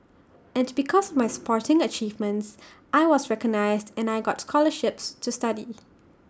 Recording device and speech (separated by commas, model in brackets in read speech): standing microphone (AKG C214), read sentence